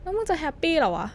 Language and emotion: Thai, frustrated